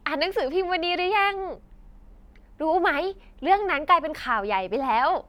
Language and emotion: Thai, happy